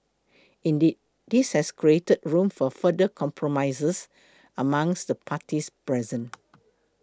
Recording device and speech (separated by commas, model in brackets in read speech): close-talking microphone (WH20), read sentence